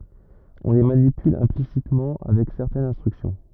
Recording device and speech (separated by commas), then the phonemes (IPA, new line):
rigid in-ear microphone, read sentence
ɔ̃ le manipyl ɛ̃plisitmɑ̃ avɛk sɛʁtɛnz ɛ̃stʁyksjɔ̃